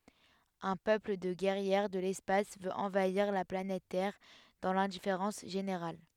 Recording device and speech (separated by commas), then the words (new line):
headset microphone, read sentence
Un peuple de guerrières de l'espace veut envahir la planète Terre dans l'indifférence générale.